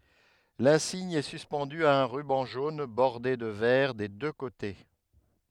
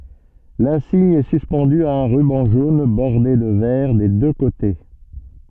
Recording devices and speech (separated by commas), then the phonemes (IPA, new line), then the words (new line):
headset microphone, soft in-ear microphone, read sentence
lɛ̃siɲ ɛ syspɑ̃dy a œ̃ ʁybɑ̃ ʒon bɔʁde də vɛʁ de dø kote
L'insigne est suspendu à un ruban jaune bordé de vert des deux côtés.